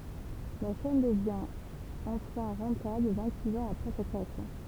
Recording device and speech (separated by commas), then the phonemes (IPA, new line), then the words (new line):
temple vibration pickup, read sentence
la ʃɛn dəvjɛ̃ ɑ̃fɛ̃ ʁɑ̃tabl vɛ̃ɡtsiks ɑ̃z apʁɛ sa kʁeasjɔ̃
La chaîne devient enfin rentable vingt-six ans après sa création.